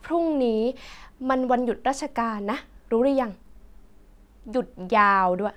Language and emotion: Thai, frustrated